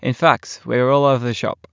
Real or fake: real